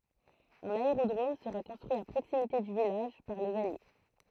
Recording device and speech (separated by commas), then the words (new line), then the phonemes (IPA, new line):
throat microphone, read sentence
Un aérodrome sera construit à proximité du village par les Alliés.
œ̃n aeʁodʁom səʁa kɔ̃stʁyi a pʁoksimite dy vilaʒ paʁ lez alje